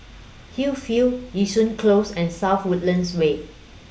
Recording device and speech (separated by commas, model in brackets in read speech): boundary microphone (BM630), read sentence